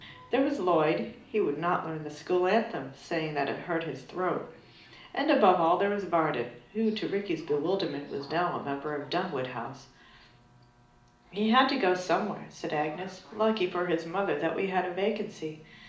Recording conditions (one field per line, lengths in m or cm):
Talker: one person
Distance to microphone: 2.0 m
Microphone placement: close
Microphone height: 99 cm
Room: medium-sized (5.7 m by 4.0 m)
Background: television